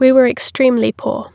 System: none